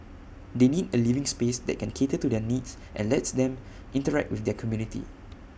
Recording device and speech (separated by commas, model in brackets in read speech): boundary microphone (BM630), read sentence